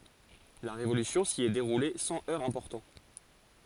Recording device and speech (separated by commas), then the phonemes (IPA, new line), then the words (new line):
forehead accelerometer, read sentence
la ʁevolysjɔ̃ si ɛ deʁule sɑ̃ œʁz ɛ̃pɔʁtɑ̃
La Révolution s’y est déroulée sans heurts importants.